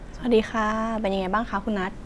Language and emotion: Thai, neutral